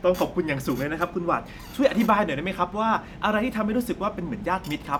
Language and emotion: Thai, happy